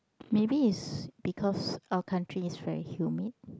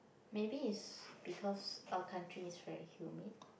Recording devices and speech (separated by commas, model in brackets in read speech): close-talking microphone, boundary microphone, conversation in the same room